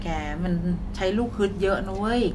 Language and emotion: Thai, neutral